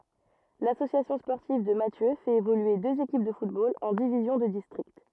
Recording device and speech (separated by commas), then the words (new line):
rigid in-ear microphone, read sentence
L'Association sportive de Mathieu fait évoluer deux équipes de football en divisions de district.